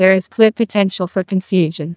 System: TTS, neural waveform model